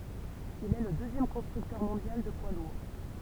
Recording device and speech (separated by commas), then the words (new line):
temple vibration pickup, read sentence
Il est le deuxième constructeur mondial de poids lourds.